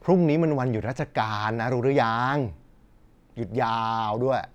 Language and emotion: Thai, frustrated